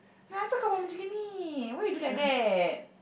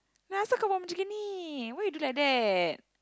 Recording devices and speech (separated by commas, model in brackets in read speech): boundary microphone, close-talking microphone, conversation in the same room